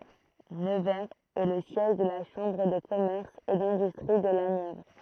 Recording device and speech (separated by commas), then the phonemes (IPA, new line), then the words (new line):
throat microphone, read sentence
nəvɛʁz ɛ lə sjɛʒ də la ʃɑ̃bʁ də kɔmɛʁs e dɛ̃dystʁi də la njɛvʁ
Nevers est le siège de la Chambre de commerce et d'industrie de la Nièvre.